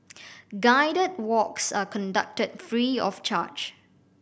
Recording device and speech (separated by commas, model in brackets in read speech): boundary microphone (BM630), read sentence